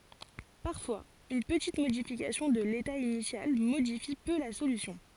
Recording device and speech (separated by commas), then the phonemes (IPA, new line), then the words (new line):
forehead accelerometer, read sentence
paʁfwaz yn pətit modifikasjɔ̃ də leta inisjal modifi pø la solysjɔ̃
Parfois, une petite modification de l'état initial modifie peu la solution.